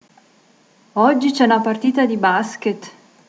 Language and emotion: Italian, surprised